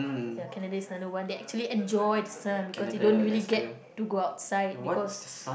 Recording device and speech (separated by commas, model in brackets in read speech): boundary microphone, conversation in the same room